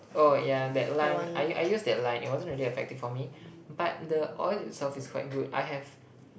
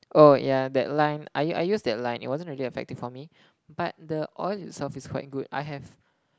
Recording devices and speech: boundary microphone, close-talking microphone, conversation in the same room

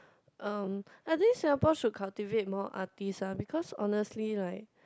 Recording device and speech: close-talking microphone, conversation in the same room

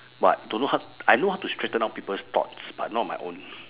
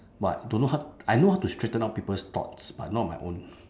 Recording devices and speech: telephone, standing microphone, conversation in separate rooms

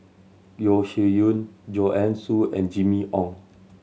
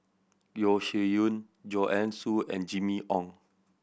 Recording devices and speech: mobile phone (Samsung C7100), boundary microphone (BM630), read sentence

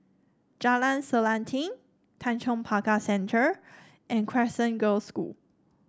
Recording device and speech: standing microphone (AKG C214), read sentence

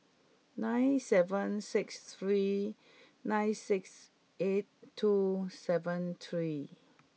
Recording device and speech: mobile phone (iPhone 6), read sentence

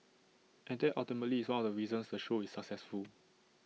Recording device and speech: mobile phone (iPhone 6), read sentence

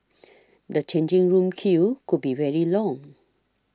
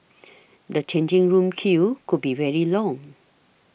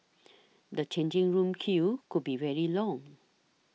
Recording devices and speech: standing microphone (AKG C214), boundary microphone (BM630), mobile phone (iPhone 6), read sentence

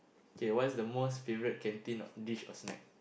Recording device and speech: boundary microphone, conversation in the same room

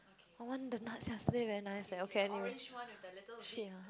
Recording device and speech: close-talking microphone, conversation in the same room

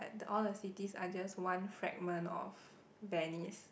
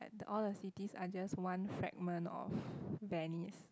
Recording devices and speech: boundary microphone, close-talking microphone, conversation in the same room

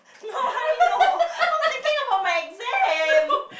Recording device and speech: boundary microphone, conversation in the same room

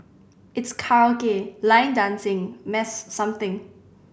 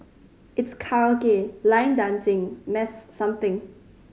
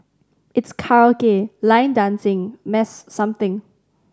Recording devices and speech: boundary microphone (BM630), mobile phone (Samsung C5010), standing microphone (AKG C214), read sentence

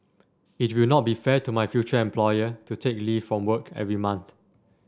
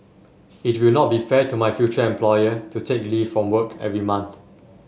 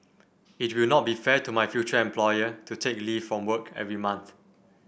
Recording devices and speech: standing microphone (AKG C214), mobile phone (Samsung S8), boundary microphone (BM630), read sentence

